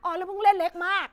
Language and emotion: Thai, angry